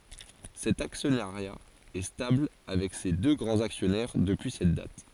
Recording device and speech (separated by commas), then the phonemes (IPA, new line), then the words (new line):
forehead accelerometer, read sentence
sɛt aksjɔnaʁja ɛ stabl avɛk se dø ɡʁɑ̃z aksjɔnɛʁ dəpyi sɛt dat
Cet actionnariat est stable avec ses deux grands actionnaires depuis cette date.